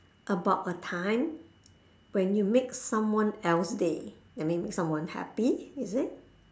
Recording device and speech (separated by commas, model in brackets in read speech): standing microphone, conversation in separate rooms